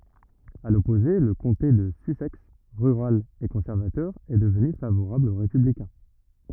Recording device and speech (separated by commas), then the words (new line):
rigid in-ear microphone, read sentence
À l'opposé, le comté de Sussex, rural et conservateur, est devenu favorable aux républicains.